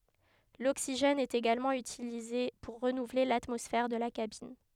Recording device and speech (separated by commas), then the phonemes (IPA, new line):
headset microphone, read sentence
loksiʒɛn ɛt eɡalmɑ̃ ytilize puʁ ʁənuvle latmɔsfɛʁ də la kabin